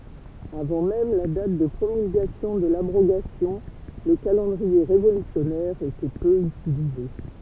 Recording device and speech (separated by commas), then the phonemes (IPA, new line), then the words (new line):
temple vibration pickup, read sentence
avɑ̃ mɛm la dat də pʁomylɡasjɔ̃ də labʁoɡasjɔ̃ lə kalɑ̃dʁie ʁevolysjɔnɛʁ etɛ pø ytilize
Avant même la date de promulgation de l’abrogation, le calendrier révolutionnaire était peu utilisé.